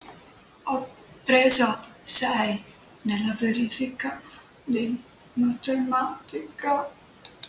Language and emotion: Italian, sad